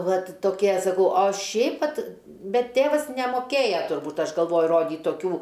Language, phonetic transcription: Lithuanian, ˈvat toˈkie saˈkau o ˈšiaip ˈvat ˈbet ˈtėvas nemoˈkėja turˈbūt ˈaš galˈvoju ˈrodyt toˈkių

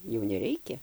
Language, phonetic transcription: Lithuanian, jau neˈreikia

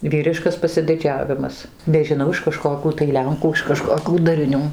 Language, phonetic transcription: Lithuanian, ˈvyriškas pasidiˈdžiavimas nežiˈnau iš kaˈžkokių tai ˈlenkų iš kaˈžkokių dariˈnių

